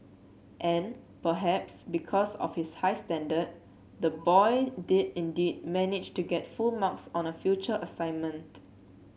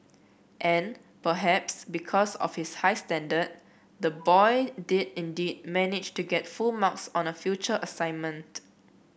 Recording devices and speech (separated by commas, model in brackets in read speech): mobile phone (Samsung C7), boundary microphone (BM630), read sentence